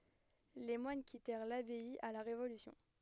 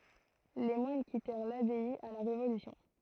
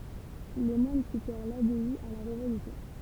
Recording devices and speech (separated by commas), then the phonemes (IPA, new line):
headset microphone, throat microphone, temple vibration pickup, read sentence
le mwan kitɛʁ labɛi a la ʁevolysjɔ̃